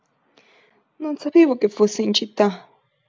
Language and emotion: Italian, fearful